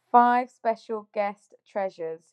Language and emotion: English, happy